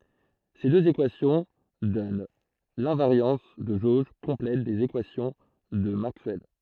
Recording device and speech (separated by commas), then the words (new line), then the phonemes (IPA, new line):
throat microphone, read sentence
Ces deux équations donnent l'invariance de jauge complète des équations de Maxwell.
se døz ekwasjɔ̃ dɔn lɛ̃vaʁjɑ̃s də ʒoʒ kɔ̃plɛt dez ekwasjɔ̃ də makswɛl